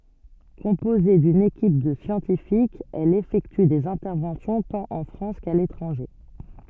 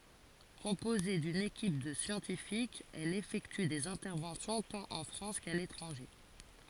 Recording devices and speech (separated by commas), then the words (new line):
soft in-ear microphone, forehead accelerometer, read sentence
Composée d'une équipe de scientifiques, elle effectue des interventions tant en France qu'à l'étranger.